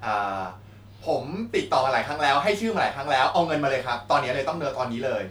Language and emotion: Thai, frustrated